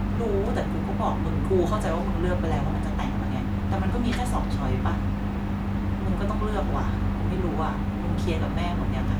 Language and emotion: Thai, frustrated